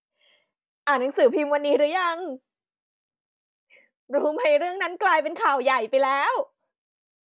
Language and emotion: Thai, happy